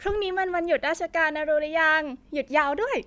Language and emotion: Thai, happy